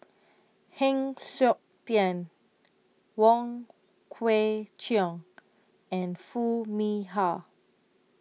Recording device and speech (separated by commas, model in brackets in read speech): mobile phone (iPhone 6), read sentence